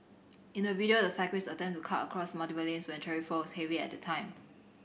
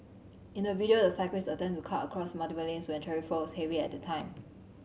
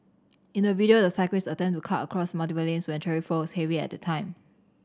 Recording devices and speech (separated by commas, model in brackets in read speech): boundary microphone (BM630), mobile phone (Samsung C7100), standing microphone (AKG C214), read sentence